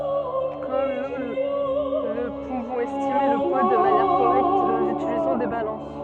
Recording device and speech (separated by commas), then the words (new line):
soft in-ear microphone, read sentence
Comme nous ne pouvons estimer le poids de manière correcte nous utilisons des balances.